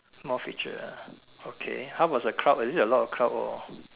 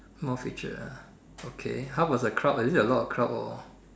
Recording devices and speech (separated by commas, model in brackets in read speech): telephone, standing microphone, conversation in separate rooms